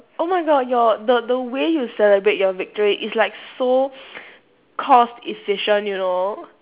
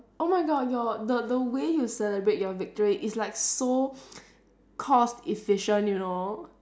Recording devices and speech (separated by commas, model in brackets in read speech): telephone, standing microphone, conversation in separate rooms